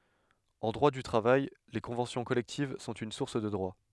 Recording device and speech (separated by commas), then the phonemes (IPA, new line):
headset microphone, read sentence
ɑ̃ dʁwa dy tʁavaj le kɔ̃vɑ̃sjɔ̃ kɔlɛktiv sɔ̃t yn suʁs də dʁwa